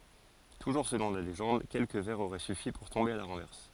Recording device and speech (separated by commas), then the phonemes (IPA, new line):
forehead accelerometer, read sentence
tuʒuʁ səlɔ̃ la leʒɑ̃d kɛlkə vɛʁz oʁɛ syfi puʁ tɔ̃be a la ʁɑ̃vɛʁs